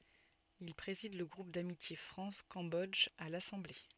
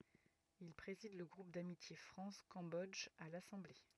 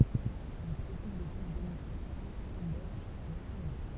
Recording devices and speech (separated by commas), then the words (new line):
soft in-ear microphone, rigid in-ear microphone, temple vibration pickup, read sentence
Il préside le groupe d'amitié France - Cambodge à l'assemblée.